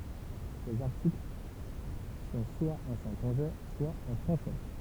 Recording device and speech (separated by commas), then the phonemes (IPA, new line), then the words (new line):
temple vibration pickup, read sentence
sez aʁtikl sɔ̃ swa ɑ̃ sɛ̃tɔ̃ʒɛ swa ɑ̃ fʁɑ̃sɛ
Ses articles sont soit en saintongeais, soit en français.